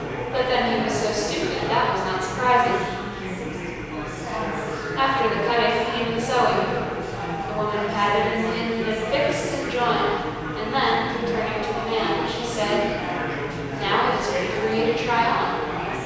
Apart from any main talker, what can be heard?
Crowd babble.